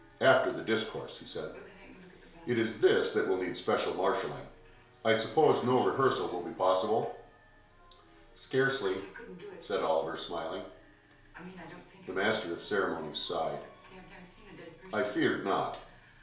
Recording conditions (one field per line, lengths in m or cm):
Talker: one person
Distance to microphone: 1.0 m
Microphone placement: close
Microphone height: 1.1 m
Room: small (3.7 m by 2.7 m)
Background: television